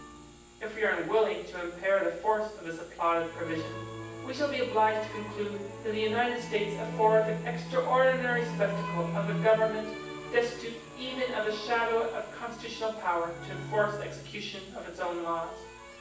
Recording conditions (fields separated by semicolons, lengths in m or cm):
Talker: one person; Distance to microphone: 9.8 m; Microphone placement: far; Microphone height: 1.8 m; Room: large; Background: music